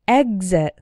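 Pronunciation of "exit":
In 'exit', the stress is on the first syllable, and the x is pronounced like gz.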